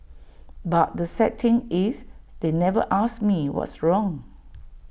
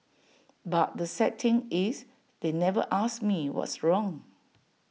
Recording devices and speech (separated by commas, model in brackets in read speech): boundary microphone (BM630), mobile phone (iPhone 6), read sentence